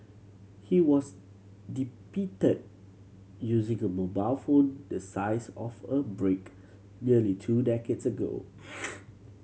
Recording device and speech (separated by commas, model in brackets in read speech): mobile phone (Samsung C7100), read sentence